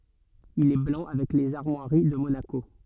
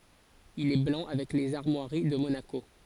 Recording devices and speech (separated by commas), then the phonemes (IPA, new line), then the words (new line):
soft in-ear microphone, forehead accelerometer, read sentence
il ɛ blɑ̃ avɛk lez aʁmwaʁi də monako
Il est blanc avec les armoiries de Monaco.